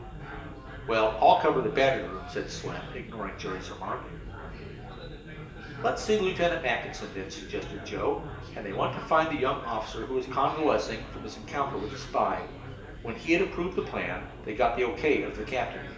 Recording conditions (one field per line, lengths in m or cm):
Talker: one person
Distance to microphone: 1.8 m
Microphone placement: close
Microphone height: 1.0 m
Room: large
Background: babble